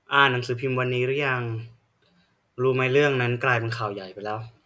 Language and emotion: Thai, neutral